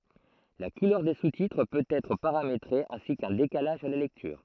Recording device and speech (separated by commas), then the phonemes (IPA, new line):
throat microphone, read sentence
la kulœʁ de sustitʁ pøt ɛtʁ paʁametʁe ɛ̃si kœ̃ dekalaʒ a la lɛktyʁ